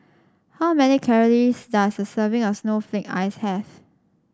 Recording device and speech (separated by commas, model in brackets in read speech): standing microphone (AKG C214), read sentence